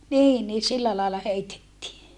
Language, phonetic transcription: Finnish, niin nii sillä làella heitettii .
- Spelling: niin niin sillä lailla heitettiin

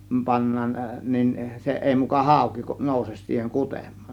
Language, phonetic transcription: Finnish, 'pannaan , nin , 'se 'ˀèi muka "hàȯki 'nòuses siiheŋ 'kutem̆m(AAN) .
- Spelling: pannaan niin se ei muka hauki nouse siihen kutemaan

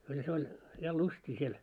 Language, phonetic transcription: Finnish, kyllä se 'oĺ , ja 'lustii siel .
- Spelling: kyllä se oli ja lystiä siellä

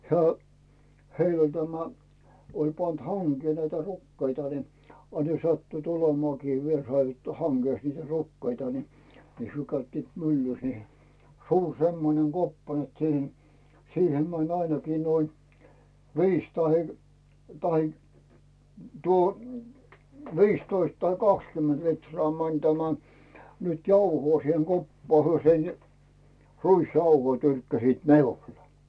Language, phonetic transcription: Finnish, 'hᵉä , 'heil ‿oĺ tämä , oĺ pant 'haŋkee näitä "rukkeita ni , a ne 'sattuit olemᵒàkii (viel saivat,) 'haŋGès niitä 'rukkeita ni , 'hyö käyttiit "myllys ni , 'sur 'semmoneŋ "Goppa net 'siihen , "siihem mäń ainakii noin , "viis tahe , tahe , tuo , "viistoist tai "kakskymment 'litrᵒà mäń 'tämä , nyt 'jauhoo siheŋ 'koppaa hyö sen , "ruisjauhoi 'tyrkkäsit "miulᴇ .
- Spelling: hän heillä oli tämä oli pantu hankeen näitä rukiita niin a ne sattuivat olemaankin vielä saivat hangesta niitä rukiita niin he käyttivät myllyssä niin suuri semmoinen koppa että siihen siihen meni ainakin noin viisi tai tai tuo viisitoista tai kaksikymmentä litraa meni tämä nyt jauhoa siihen koppaan he sen ruisjauhoja tyrkkäsivät minulle

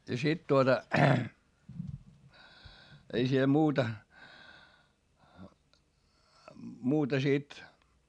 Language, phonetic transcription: Finnish, ja sit tuota , ei siel muuta , muuta sit ,.
- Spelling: ja sitten tuota ei siellä muuta muuta sitten

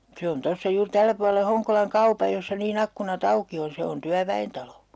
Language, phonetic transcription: Finnish, 'se on 'tossa juur 'tällä puale 'Hoŋkolaŋ "kaupaj jossa nii'n ‿akkuna"t ‿auki on̬ 'se on 'tyävä₍entalo .
- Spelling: se on tuossa juuri tällä puolen Honkolan kaupan jossa niin ikkunat auki on se on työväentalo

